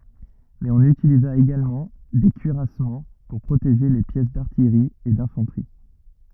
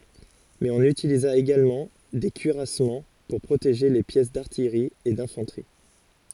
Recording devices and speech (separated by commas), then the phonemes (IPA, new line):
rigid in-ear microphone, forehead accelerometer, read sentence
mɛz ɔ̃n ytiliza eɡalmɑ̃ de kyiʁasmɑ̃ puʁ pʁoteʒe le pjɛs daʁtijʁi e dɛ̃fɑ̃tʁi